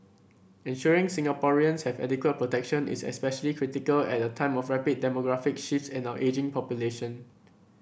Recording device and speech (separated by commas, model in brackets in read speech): boundary microphone (BM630), read sentence